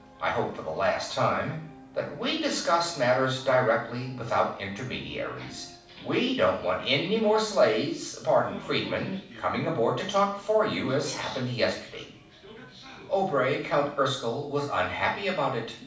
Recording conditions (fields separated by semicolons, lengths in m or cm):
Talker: one person; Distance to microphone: 5.8 m; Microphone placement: far; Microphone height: 1.8 m; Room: medium-sized (5.7 m by 4.0 m); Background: television